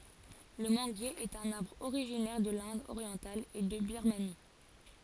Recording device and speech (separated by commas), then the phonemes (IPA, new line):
forehead accelerometer, read sentence
lə mɑ̃ɡje ɛt œ̃n aʁbʁ oʁiʒinɛʁ də lɛ̃d oʁjɑ̃tal e də biʁmani